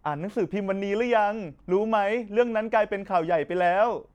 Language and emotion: Thai, happy